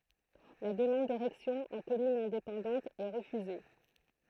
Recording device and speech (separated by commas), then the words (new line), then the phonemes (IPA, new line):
throat microphone, read sentence
La demande d'érection en commune indépendante est refusée.
la dəmɑ̃d deʁɛksjɔ̃ ɑ̃ kɔmyn ɛ̃depɑ̃dɑ̃t ɛ ʁəfyze